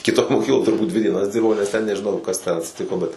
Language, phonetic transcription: Lithuanian, kiˈtoj moˈkykloj turˈbūt dvi dieˈnas ˈdirbau nes ten nežiˈnau kas ten atsiˈtiko bet

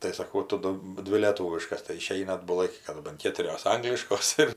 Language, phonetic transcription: Lithuanian, tai saˈkau ˈtu ˈdu ˈdvi lėˈtūviškas tai iˈšeina atbuˈlai kai kaˈdu ban ˈkėturios ˈangliškos ir

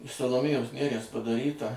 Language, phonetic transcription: Lithuanian, iš saloˈmėjos ˈneries padaˈryta

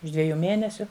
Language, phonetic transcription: Lithuanian, už ˈdvejų ˈmėnesiu

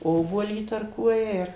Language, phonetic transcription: Lithuanian, ˈobuolį įtarˈkuoja ir

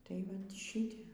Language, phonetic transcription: Lithuanian, tai ˈvat ˈšite

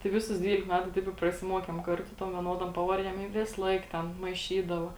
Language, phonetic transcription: Lithuanian, tai ˈviˌsus ˈdvylik ˈmetu ˈtaip i prasiˈmuokėm ˈkarˌtu ˈtom vieˈnodom ˈpavarˌdiem i ˈvisˌlaik ˈten maiˈšydava

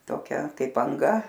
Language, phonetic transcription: Lithuanian, toˈkia ˈkaip anˈga

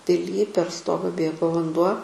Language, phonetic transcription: Lithuanian, piˈly per ˈstoga ˈbėgo vanˈduo

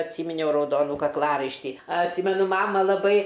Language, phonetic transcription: Lithuanian, atˈsyminiau rauˈdonų kakˈlaraištį atˈsymenu ˈmama laˈbai

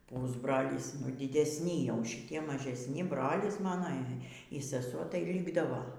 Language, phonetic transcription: Lithuanian, ˈpusbrolys ˈnu dydesˈni jau šiˈtie mažesˈni ˈbrolis ˈmano y seˈsuo tai ˈlykdavo

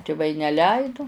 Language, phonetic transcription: Lithuanian, tiˈvai neˈleidu

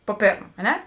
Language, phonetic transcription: Lithuanian, po ˈpėrm a ˈne

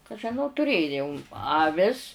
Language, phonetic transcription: Lithuanian, ka žiˈnau tuˈrėjoum jau aˈvis

